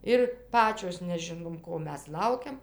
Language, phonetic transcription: Lithuanian, ˈir ˈpačios neˈžinom ˈko ˈmes ˈlaukiam

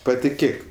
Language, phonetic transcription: Lithuanian, patiˈkėk

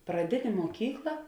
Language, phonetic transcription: Lithuanian, praˈdinė muoˈkykla

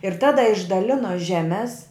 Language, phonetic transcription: Lithuanian, ir ˈtada išdaˈlino ˈžemes

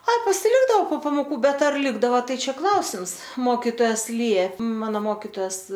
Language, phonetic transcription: Lithuanian, ˈa pasiˈlikdao po pamoˈkų ˈbet ar ˈlikdava ˈtai ˈčia ˈklausims ˈmokitojas ˈliep ˈmano ˈmokitojas

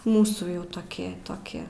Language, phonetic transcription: Lithuanian, ˈmūsų ˈjau toˈki toˈki

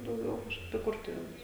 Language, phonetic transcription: Lithuanian, dauˈgiau kažˈkaip i ˈkurtuvėnus

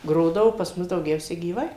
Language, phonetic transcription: Lithuanian, ˈgrodavo pas ˈmus dauˈgiausia gyˈvai

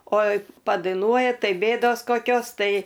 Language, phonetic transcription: Lithuanian, o padaiˈnuoja ˈtai ˈbėdos koˈkios ˈtai

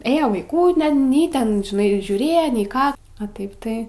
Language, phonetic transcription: Lithuanian, ˈėjo vaiˈkų nen ˈnei ˈten žiˈnai žiūˈrėja nei ˈką a ˈtaip ˈtai

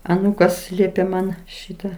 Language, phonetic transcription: Lithuanian, aˈnūkas ˈliepė ˈman ˈšyta

